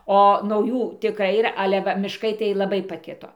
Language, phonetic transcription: Lithuanian, o nauˈjų tiˈkrai yˈra ˈale ˈva mišˈkai tai laˈbai paˈkito

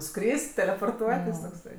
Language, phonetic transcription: Lithuanian, ˈskris't' teleporˈtuotis tokˈsai

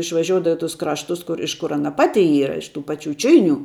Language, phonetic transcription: Lithuanian, išvaˈžioudavo i tus ˈkraštus ˈkur iš kur ˈana ˈpati ˈyra iš tų ˈpačiu ˈčiuinių

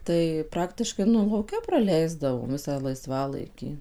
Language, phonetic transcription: Lithuanian, tai ˈpraktiškai ˈnu lauˈke praˈleisdavom ˈvisą laiˈsvalaikį

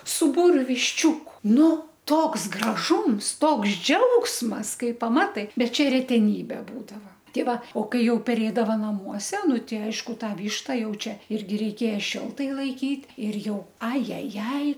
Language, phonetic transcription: Lithuanian, su ˈbūriu višˈčiūku ˈnu ˈtoks graˈžūms ˈtoks ˈdžiaugsmas ˈkai paˈmatai ˈbet ˈčia reteˈnybe ˈbūdava ˈtei ˈva o ˈkai ˈjau peˈrėdava naˈmuose ˈnu ˈti ˈaišku ˈtą ˈvyšta ˈjau ˈčia ˈirgi reiˈkėja ˈšiltai laiˈkyt' ˈir ˈjau a ˈja ˈjai

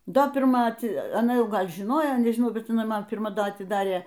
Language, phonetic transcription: Lithuanian, ˈdo pirˈma aˈti aˈna ˈjau ˈgal' žiˈnojo nežiˈnau ˈbet iˈnai ˈman pirˈma ˈda atiˈdarė

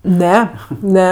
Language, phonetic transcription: Lithuanian, ˈne ˈne

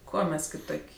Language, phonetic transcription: Lithuanian, ˈkuo ˈmes kiˈtok'

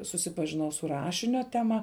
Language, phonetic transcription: Lithuanian, susipažiˈnau su ˈrašinio teˈma

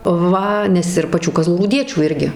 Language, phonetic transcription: Lithuanian, ˈva nes ir paˈčių kazlųrūˈdiečių ˈirgi

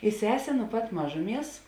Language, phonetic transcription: Lithuanian, i ˈsesė nu pat ˈmažuˌmies

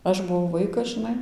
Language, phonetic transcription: Lithuanian, ˈaš buˈvau ˈvaikas žɨˈnai

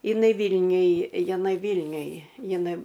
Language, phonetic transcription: Lithuanian, iˈnai ˈvylniuj jiˈnai ˈvylniuj jiˈnai

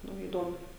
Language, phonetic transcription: Lithuanian, ˈnu įˈdomu

